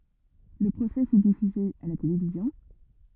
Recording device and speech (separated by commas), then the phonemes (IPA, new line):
rigid in-ear microphone, read sentence
lə pʁosɛ fy difyze a la televizjɔ̃